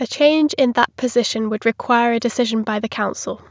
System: none